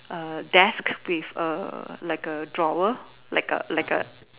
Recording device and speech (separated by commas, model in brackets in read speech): telephone, conversation in separate rooms